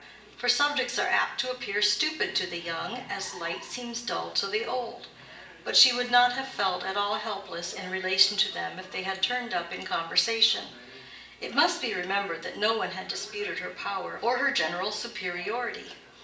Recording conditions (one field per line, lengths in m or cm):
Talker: one person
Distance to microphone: 1.8 m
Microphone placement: close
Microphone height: 1.0 m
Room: large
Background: television